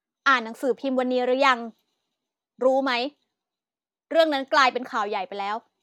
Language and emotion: Thai, angry